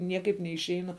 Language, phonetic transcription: Lithuanian, ˈniekaip neišˈeinu

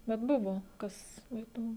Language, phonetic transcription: Lithuanian, bet ˈbuvo ˈkas ˈeitum

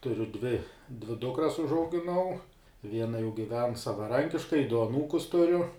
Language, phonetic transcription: Lithuanian, tuˈriu dvi dvi ˈdukras užaugiˈnau ˈviena jau giˈven savaˈrankiškai du aˈnūkus tuˈriu

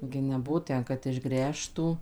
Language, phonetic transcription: Lithuanian, gi neˈbuvo ˈten kad išˈgręžtų

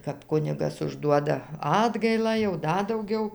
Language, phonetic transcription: Lithuanian, kap ˈkunigas užˈduoda ˈatgailą jau ˈda dauˈgiau

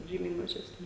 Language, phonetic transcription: Lithuanian, ˈžymiai mažesˈni

